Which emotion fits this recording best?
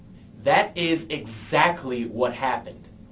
angry